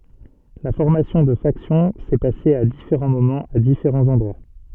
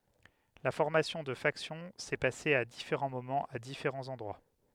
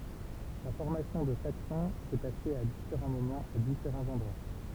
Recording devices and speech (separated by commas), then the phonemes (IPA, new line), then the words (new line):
soft in-ear microphone, headset microphone, temple vibration pickup, read sentence
la fɔʁmasjɔ̃ də faksjɔ̃ sɛ pase a difeʁɑ̃ momɑ̃z a difeʁɑ̃z ɑ̃dʁwa
La formation de factions s'est passé à différents moments à différents endroits.